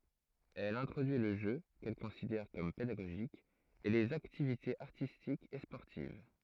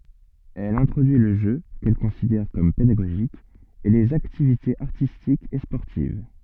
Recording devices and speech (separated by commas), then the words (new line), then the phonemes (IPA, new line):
throat microphone, soft in-ear microphone, read sentence
Elle introduit le jeu, qu'elle considère comme pédagogique, et les activités artistiques et sportives.
ɛl ɛ̃tʁodyi lə ʒø kɛl kɔ̃sidɛʁ kɔm pedaɡoʒik e lez aktivitez aʁtistikz e spɔʁtiv